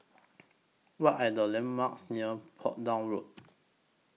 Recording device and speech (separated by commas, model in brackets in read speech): mobile phone (iPhone 6), read sentence